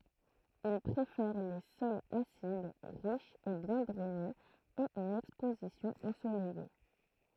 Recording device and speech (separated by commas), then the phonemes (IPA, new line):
throat microphone, read sentence
il pʁefɛʁ le sɔlz asid ʁiʃz e bjɛ̃ dʁɛnez e yn ɛkspozisjɔ̃ ɑ̃solɛje